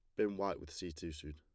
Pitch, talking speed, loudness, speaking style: 85 Hz, 315 wpm, -41 LUFS, plain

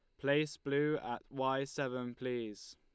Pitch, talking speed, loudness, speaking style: 135 Hz, 140 wpm, -37 LUFS, Lombard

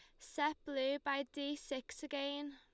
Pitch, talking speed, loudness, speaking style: 285 Hz, 155 wpm, -41 LUFS, Lombard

